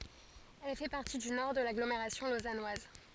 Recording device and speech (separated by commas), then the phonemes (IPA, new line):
forehead accelerometer, read sentence
ɛl fɛ paʁti dy nɔʁ də laɡlomeʁasjɔ̃ lozanwaz